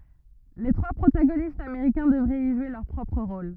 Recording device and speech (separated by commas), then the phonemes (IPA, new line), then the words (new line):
rigid in-ear microphone, read sentence
le tʁwa pʁotaɡonistz ameʁikɛ̃ dəvʁɛt i ʒwe lœʁ pʁɔpʁ ʁol
Les trois protagonistes américains devraient y jouer leur propre rôle.